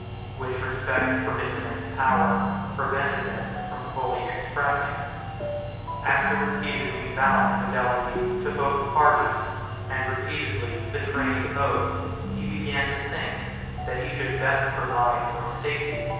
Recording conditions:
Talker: one person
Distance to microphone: 7.1 m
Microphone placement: far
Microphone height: 1.7 m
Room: very reverberant, large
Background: music

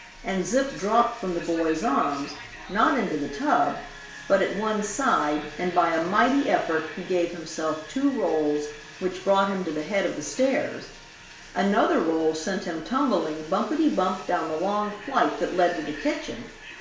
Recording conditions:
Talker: one person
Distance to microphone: 1.0 m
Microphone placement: close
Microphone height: 1.1 m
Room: small (3.7 m by 2.7 m)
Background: television

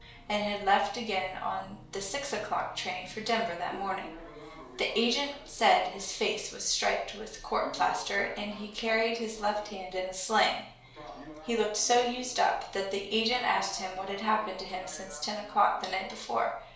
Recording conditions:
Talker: one person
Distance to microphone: 1.0 m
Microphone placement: close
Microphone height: 1.1 m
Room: small (3.7 m by 2.7 m)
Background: television

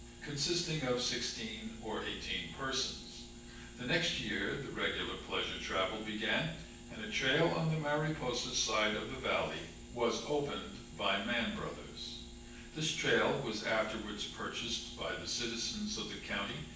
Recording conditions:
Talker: one person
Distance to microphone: 9.8 m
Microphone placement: far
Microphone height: 1.8 m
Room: large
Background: none

